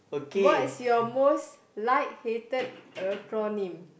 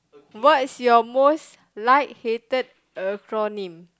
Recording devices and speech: boundary microphone, close-talking microphone, conversation in the same room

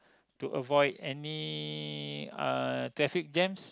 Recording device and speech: close-talking microphone, conversation in the same room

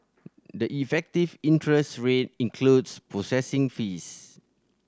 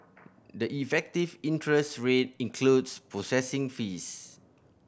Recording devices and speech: standing microphone (AKG C214), boundary microphone (BM630), read sentence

